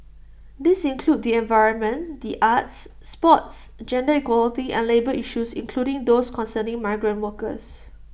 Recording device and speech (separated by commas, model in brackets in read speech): boundary microphone (BM630), read sentence